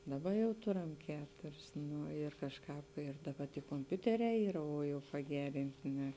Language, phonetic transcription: Lithuanian, ˈdaˌba jau ˈturam ˈketuris ˈnu ir kažˈkāp ir daˈba ty komˈpiuteˌrē ˈyra o ˈjau paˈgerinti ne

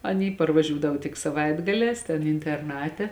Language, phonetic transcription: Lithuanian, aˈny parvˈažiūdav tik saˈvaitgalēs ten interˈnate

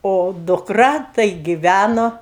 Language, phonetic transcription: Lithuanian, o dukˈra tai giˈvæno

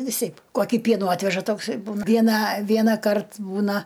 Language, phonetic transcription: Lithuanian, viˈseip ˈkokį ˈpienų ˈatveža ˈtoks ir ˈbūna ˈvieną ˈvienąˌkart ˈbūna

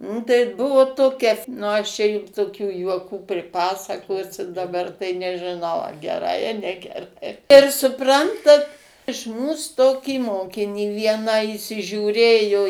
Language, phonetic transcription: Lithuanian, nu tai ˈbuvo ˈtokia f ˈnu ˈaš čia ˈjum toˈkių juoˈkų priˈpasakosiu daˈbar tai nežiˈnau a geˈrai a negeˈrai ir suˈprantat iš ˈmūs ˈtokį ˈmokinį ˈvieną įsižiūˈrėjo

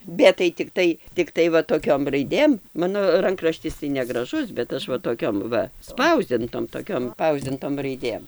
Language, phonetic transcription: Lithuanian, ˈbet tai tikˈtai tikˈtai va toˈkiom raiˈdėm ˈmano ˈrankraštis tai negraˈžus bet ˈaš va toˈkiom ˈva ˈspausdintom toˈkiom ˈspausdintom raiˈdėm

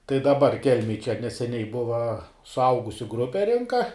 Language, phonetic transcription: Lithuanian, tai daˈbar ˈkelmėj čia neseˈniai ˈbuva suˈaugusiu ˈgrupe ˈrinka

